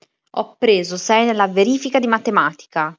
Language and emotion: Italian, angry